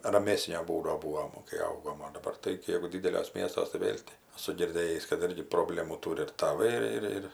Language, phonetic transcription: Lithuanian, raˈmesnio ˈbūdo ˈbūvom kai ˈaugom o daˈbar tai ˈjeigu ˈdideliuos ˈmiestuos tai ˈvėl' ti aˈsu girˈdėjįs kad ˈirgi proˈblemų ˈtūri ir taˈvai ir ˈir

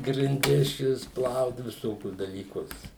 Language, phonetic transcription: Lithuanian, grinˈdis ˈčia vis ˈplaut viˈsokius dalyˈkus

